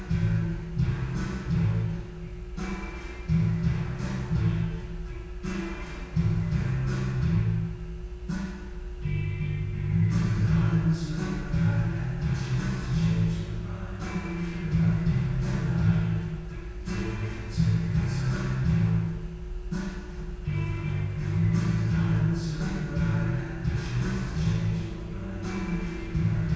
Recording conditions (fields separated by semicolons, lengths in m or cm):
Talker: no one; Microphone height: 56 cm; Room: very reverberant, large; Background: music